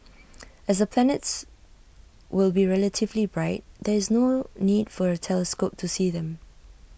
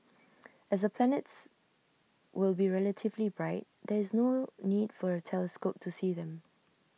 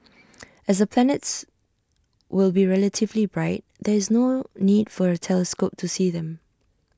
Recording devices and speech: boundary microphone (BM630), mobile phone (iPhone 6), standing microphone (AKG C214), read sentence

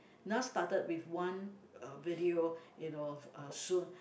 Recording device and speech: boundary microphone, conversation in the same room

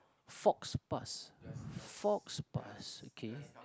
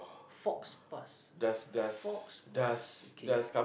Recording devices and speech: close-talking microphone, boundary microphone, conversation in the same room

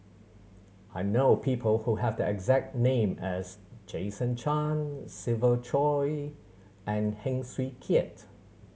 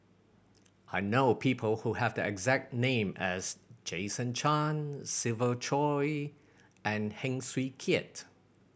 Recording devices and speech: mobile phone (Samsung C7100), boundary microphone (BM630), read sentence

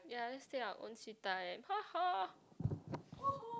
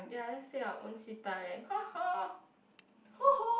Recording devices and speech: close-talking microphone, boundary microphone, conversation in the same room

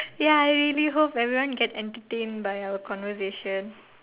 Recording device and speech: telephone, conversation in separate rooms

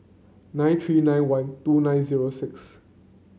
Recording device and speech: mobile phone (Samsung C9), read sentence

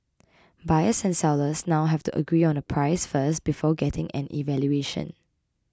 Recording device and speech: close-talking microphone (WH20), read sentence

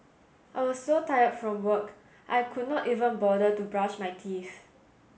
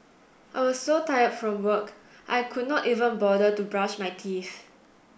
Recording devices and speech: mobile phone (Samsung S8), boundary microphone (BM630), read sentence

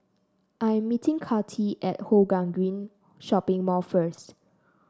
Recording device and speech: standing microphone (AKG C214), read sentence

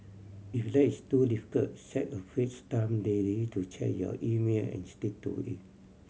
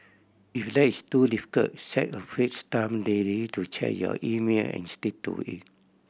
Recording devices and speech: mobile phone (Samsung C7100), boundary microphone (BM630), read sentence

